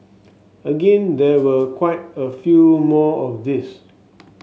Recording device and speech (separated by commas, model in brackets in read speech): mobile phone (Samsung S8), read sentence